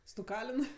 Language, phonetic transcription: Lithuanian, stuˈkalin

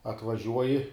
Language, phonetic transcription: Lithuanian, atvaˈžiuoji

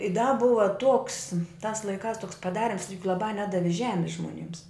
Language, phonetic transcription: Lithuanian, i da ˈbuva tuoks tās laiˈkās toks paˈdarims laˈbā ˈnedavi ˈžemis žmoˈnims

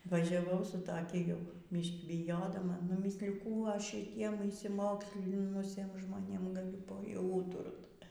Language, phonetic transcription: Lithuanian, važiaˈvau su taˈki ˈjau ˈbyškį biˈjodama nuˈmysliju ˈkų ˈaš šiˈtiem išsiˈmokslinusiem žmoˈnėm gaˈliu ˈpa jau ˈūturt

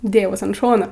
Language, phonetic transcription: Lithuanian, ˈdėjaus an ˈšono

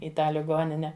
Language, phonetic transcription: Lithuanian, i ˈtą liˈgonine

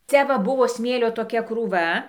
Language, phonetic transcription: Lithuanian, ˈcia va ˈbuvo ˈsmėlio toˈkia krūˈva

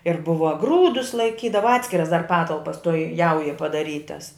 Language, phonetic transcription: Lithuanian, ir ˈbuva ˈgrūdus laiˈkydava ˈatskiras dar ˈpatalpas toj ˈjaujoj padaˈrytas

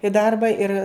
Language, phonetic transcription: Lithuanian, i ˈdarba ir

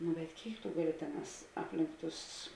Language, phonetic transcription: Lithuanian, nu bet ˈkėik tu ˈgaˌli ˈtėˌnās ˈaplink ˈtus

